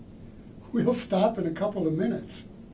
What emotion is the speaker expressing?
neutral